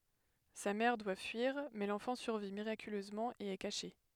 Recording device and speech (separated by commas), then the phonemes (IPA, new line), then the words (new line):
headset microphone, read sentence
sa mɛʁ dwa fyiʁ mɛ lɑ̃fɑ̃ syʁvi miʁakyløzmɑ̃ e ɛ kaʃe
Sa mère doit fuir, mais l'enfant survit miraculeusement et est caché.